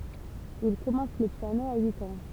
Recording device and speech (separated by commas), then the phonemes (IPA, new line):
temple vibration pickup, read sentence
il kɔmɑ̃s lə pjano a yit ɑ̃